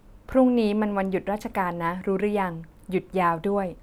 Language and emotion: Thai, neutral